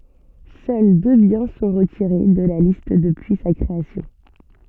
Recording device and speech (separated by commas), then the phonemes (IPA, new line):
soft in-ear microphone, read sentence
sœl dø bjɛ̃ sɔ̃ ʁətiʁe də la list dəpyi sa kʁeasjɔ̃